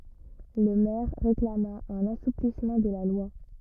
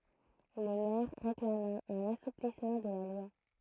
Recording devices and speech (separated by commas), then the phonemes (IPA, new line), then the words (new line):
rigid in-ear microphone, throat microphone, read sentence
lə mɛʁ ʁeklama œ̃n asuplismɑ̃ də la lwa
Le maire réclama un assouplissement de la loi.